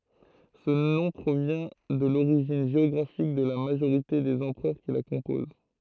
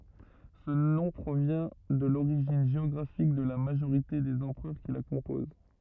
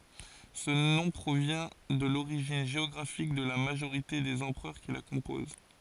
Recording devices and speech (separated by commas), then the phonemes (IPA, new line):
throat microphone, rigid in-ear microphone, forehead accelerometer, read sentence
sə nɔ̃ pʁovjɛ̃ də loʁiʒin ʒeɔɡʁafik də la maʒoʁite dez ɑ̃pʁœʁ ki la kɔ̃poz